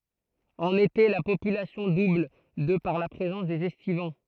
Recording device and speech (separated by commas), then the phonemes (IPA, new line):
throat microphone, read sentence
ɑ̃n ete la popylasjɔ̃ dubl də paʁ la pʁezɑ̃s dez ɛstivɑ̃